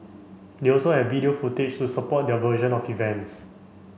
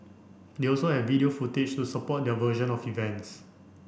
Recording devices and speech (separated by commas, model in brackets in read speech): mobile phone (Samsung C5), boundary microphone (BM630), read sentence